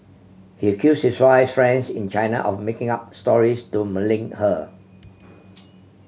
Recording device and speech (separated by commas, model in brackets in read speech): mobile phone (Samsung C7100), read sentence